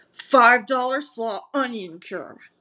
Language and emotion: English, angry